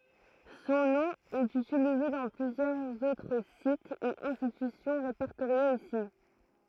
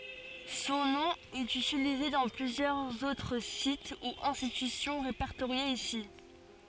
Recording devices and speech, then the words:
throat microphone, forehead accelerometer, read sentence
Son nom est utilisé dans plusieurs autres sites ou institutions répertoriés ici.

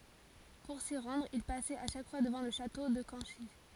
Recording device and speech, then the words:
forehead accelerometer, read sentence
Pour s'y rendre, il passait à chaque fois devant le château de Canchy.

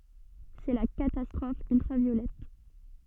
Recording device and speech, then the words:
soft in-ear microphone, read sentence
C’est la catastrophe ultraviolette.

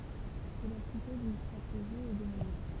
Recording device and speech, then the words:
temple vibration pickup, read sentence
Cela suppose une stratégie et des moyens.

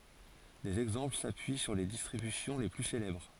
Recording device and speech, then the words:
forehead accelerometer, read sentence
Des exemples s'appuient sur les distributions les plus célèbres.

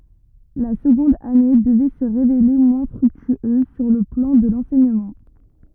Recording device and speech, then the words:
rigid in-ear microphone, read sentence
La seconde année devait se révéler moins fructueuse sur le plan de l’enseignement.

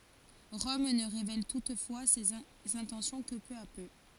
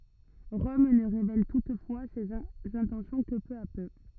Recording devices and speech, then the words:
forehead accelerometer, rigid in-ear microphone, read sentence
Rome ne révèle toutefois ses intentions que peu à peu.

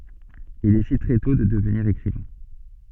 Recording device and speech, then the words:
soft in-ear microphone, read sentence
Il décide très tôt de devenir écrivain.

